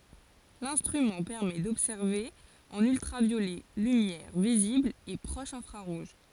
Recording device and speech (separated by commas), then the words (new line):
forehead accelerometer, read sentence
L'instrument permet d'observer en ultraviolet, lumière visible et proche infrarouge.